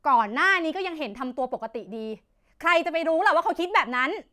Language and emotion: Thai, angry